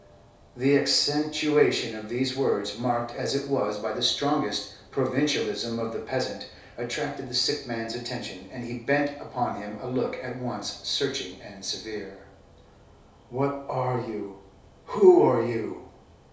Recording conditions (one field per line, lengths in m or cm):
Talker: one person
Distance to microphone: 3.0 m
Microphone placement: far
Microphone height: 1.8 m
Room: small (3.7 m by 2.7 m)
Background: none